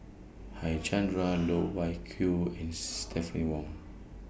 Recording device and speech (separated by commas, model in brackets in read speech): boundary microphone (BM630), read sentence